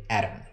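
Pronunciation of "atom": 'atom' is said with a flap in the middle, between the two vowels, not a full stop.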